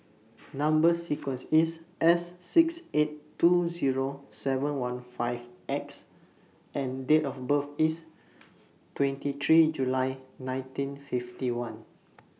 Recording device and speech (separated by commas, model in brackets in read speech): mobile phone (iPhone 6), read sentence